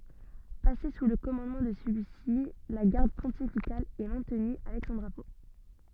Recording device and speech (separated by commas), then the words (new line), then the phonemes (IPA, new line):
soft in-ear microphone, read sentence
Passée sous le commandement de celui-ci, la Garde pontificale est maintenue avec son drapeau.
pase su lə kɔmɑ̃dmɑ̃ də səlyi si la ɡaʁd pɔ̃tifikal ɛ mɛ̃tny avɛk sɔ̃ dʁapo